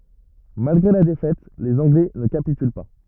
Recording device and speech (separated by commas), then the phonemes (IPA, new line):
rigid in-ear microphone, read sentence
malɡʁe la defɛt lez ɑ̃ɡlɛ nə kapityl pa